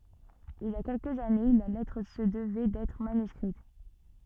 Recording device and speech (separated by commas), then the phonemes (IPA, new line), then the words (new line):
soft in-ear microphone, read sentence
il i a kɛlkəz ane la lɛtʁ sə dəvɛ dɛtʁ manyskʁit
Il y a quelques années, la lettre se devait d'être manuscrite.